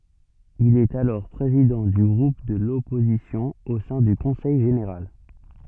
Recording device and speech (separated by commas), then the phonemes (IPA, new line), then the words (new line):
soft in-ear microphone, read sentence
il ɛt alɔʁ pʁezidɑ̃ dy ɡʁup də lɔpozisjɔ̃ o sɛ̃ dy kɔ̃sɛj ʒeneʁal
Il est alors président du groupe de l’opposition au sein du Conseil général.